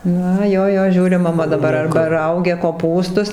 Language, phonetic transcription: Lithuanian, ˈna ˈjo ˈjo ˈžiūri maˈma arba ˈraugia koˈpūstus

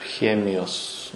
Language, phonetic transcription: Lithuanian, ˈchemijos

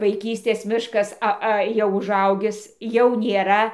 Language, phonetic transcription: Lithuanian, vaiˈkystės ˈmiškas ˈa ˈa jau uˈžaugis jau nėˈra

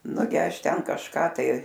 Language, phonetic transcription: Lithuanian, ˈnugi ˈaš ˈten kažˈką tai

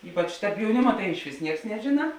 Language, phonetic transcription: Lithuanian, ˈypač jauˈnima tai išˈvis ˈnieks neˈžina

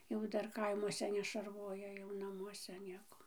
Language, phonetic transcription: Lithuanian, jau ˈdar kaiˈmuose nešarˈvoja jau naˈmuose ˈnieko

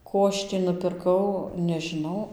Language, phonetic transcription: Lithuanian, ˈko aš tį nupirˈkau nežiˈnau

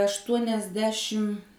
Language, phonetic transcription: Lithuanian, aštuoniasˈdešim

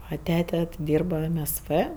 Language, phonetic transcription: Lithuanian, a ˈtete ˈdyrba em es vɜ

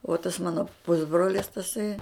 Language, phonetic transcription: Lithuanian, o tas ˈmano ˈpusbrolis taˈsai

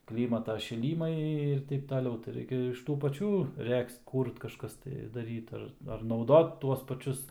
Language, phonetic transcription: Lithuanian, ˈklymata šiˈlymai ir ˈteip taˈliau tai ˈraikia iš ˈtų paˈčių ˈregzt ˈkūrt kaˈžkas tai daˈryt ar ar nauˈdot ˈtuos paˈčius

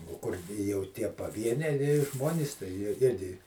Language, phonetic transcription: Lithuanian, o ˈkur jau ˈtie paˈvieniai ˈžmonys tai jie ˈirgi

